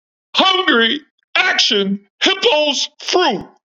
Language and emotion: English, disgusted